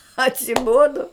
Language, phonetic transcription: Lithuanian, atsiˈbodo

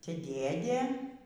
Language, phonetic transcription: Lithuanian, ˈte ˈdėdė

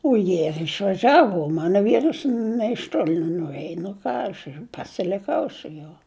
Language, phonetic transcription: Lithuanian, o ˈjie ir išvaˈžiavu o ˈmano ˈvyras nė iš ˈtoli nenuˈrėj nu ˈką aš ir pasiliˈkau su ˈjuo

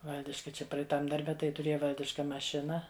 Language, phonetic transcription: Lithuanian, ˈvaldiška ˈčia praeiˈtam darˈbe tai tuˈrėja ˈvaldiška maˈšina

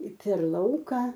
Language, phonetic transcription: Lithuanian, per ˈlauka

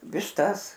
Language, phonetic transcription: Lithuanian, višˈtas

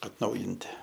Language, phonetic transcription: Lithuanian, atˈnaujinti

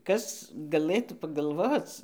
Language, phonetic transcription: Lithuanian, ˈkas gaˈlɘtų pagalˈvoc

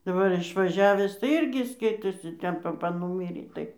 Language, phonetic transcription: Lithuanian, daˈbar išvaˈžiavęs tai ˈirgi ˈskaitosi ˈten paˈpa ˈnūmyrė ˈtai

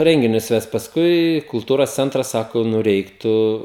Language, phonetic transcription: Lithuanian, ˈrenginius ˈvest pasˈkui kulˈtūros ˈcentras ˈsako ˈnu ˈreiktu

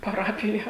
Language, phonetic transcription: Lithuanian, paˈrapija

